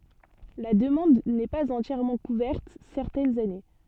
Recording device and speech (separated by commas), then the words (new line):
soft in-ear microphone, read sentence
La demande n'est pas entièrement couverte certaines années.